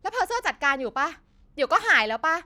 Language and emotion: Thai, angry